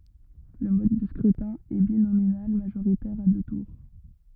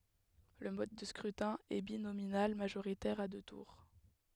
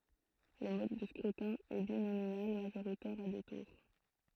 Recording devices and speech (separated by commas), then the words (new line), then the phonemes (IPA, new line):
rigid in-ear microphone, headset microphone, throat microphone, read sentence
Le mode de scrutin est binominal majoritaire à deux tours.
lə mɔd də skʁytɛ̃ ɛ binominal maʒoʁitɛʁ a dø tuʁ